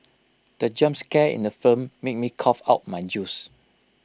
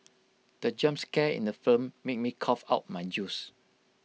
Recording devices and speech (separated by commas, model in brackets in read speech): close-talking microphone (WH20), mobile phone (iPhone 6), read sentence